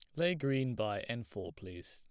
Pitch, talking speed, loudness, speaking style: 115 Hz, 210 wpm, -36 LUFS, plain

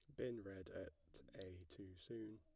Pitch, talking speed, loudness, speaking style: 95 Hz, 165 wpm, -54 LUFS, plain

